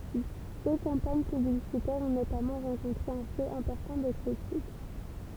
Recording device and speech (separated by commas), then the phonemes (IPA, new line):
temple vibration pickup, read sentence
dø kɑ̃paɲ pyblisitɛʁz ɔ̃ notamɑ̃ ʁɑ̃kɔ̃tʁe œ̃ flo ɛ̃pɔʁtɑ̃ də kʁitik